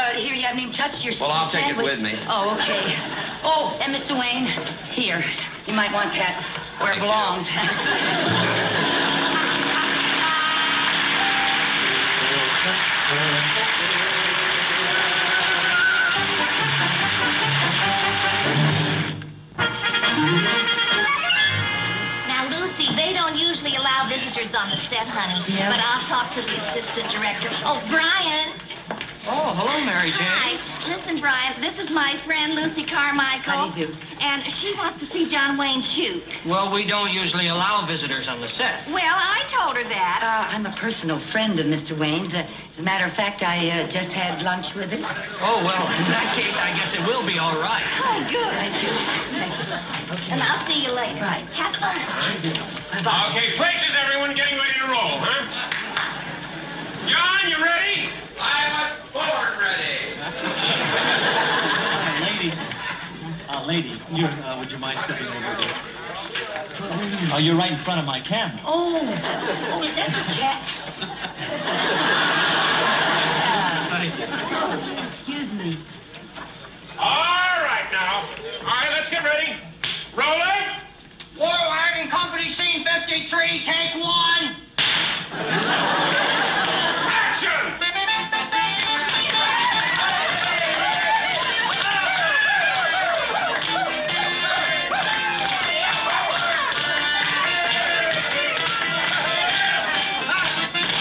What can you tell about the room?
A big room.